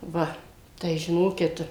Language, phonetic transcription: Lithuanian, ˈva tai žiˈnokit

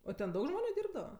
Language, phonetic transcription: Lithuanian, o ten ˈdaug ˈžmoniu ˈdyrbdava

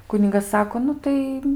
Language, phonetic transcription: Lithuanian, ˈkunigas ˈsako ˈnu tai

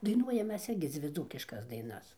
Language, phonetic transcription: Lithuanian, daiˈnuojam ˈmes ˈirgi ˈdzvi ˈdzūkiškas ˈdainas

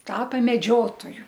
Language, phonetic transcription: Lithuanian, ˈtapa meˈdžiotoju

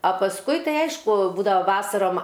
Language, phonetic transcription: Lithuanian, a pasˈkui ˈtai ˈaišku ˈbūdava ˈvasarom

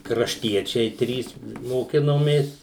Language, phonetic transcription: Lithuanian, krašˈtiečiai ˈtrys moˈkinomės

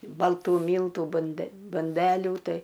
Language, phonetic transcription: Lithuanian, balˈtų ˈmyltų bunˈde bunˈdelių ˈtai

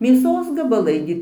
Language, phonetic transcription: Lithuanian, mėˈsos gabaˈlai gi

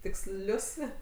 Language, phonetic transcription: Lithuanian, tikˈslius

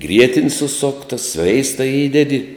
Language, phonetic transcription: Lithuanian, ˈgrietin' suˈsokta ˈsveista ˈįdedi

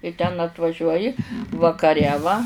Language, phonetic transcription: Lithuanian, i ten atvaˈžiuoji vakaˈre va

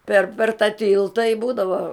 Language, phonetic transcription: Lithuanian, per per ta ˈtilta i ˈbūdavo

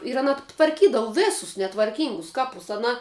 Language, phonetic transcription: Lithuanian, ir aˈna tvarˈkydavu ˈvisus netvarˈkyngus ˈkapus aˈna

